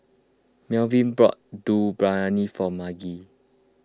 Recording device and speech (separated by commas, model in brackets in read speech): close-talking microphone (WH20), read sentence